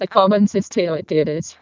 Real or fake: fake